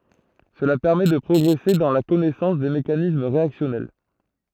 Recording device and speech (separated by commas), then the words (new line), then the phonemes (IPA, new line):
throat microphone, read sentence
Cela permet de progresser dans la connaissance des mécanismes réactionnels.
səla pɛʁmɛ də pʁɔɡʁɛse dɑ̃ la kɔnɛsɑ̃s de mekanism ʁeaksjɔnɛl